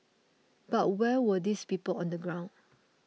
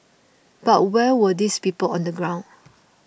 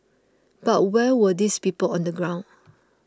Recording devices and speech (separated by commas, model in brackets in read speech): mobile phone (iPhone 6), boundary microphone (BM630), close-talking microphone (WH20), read sentence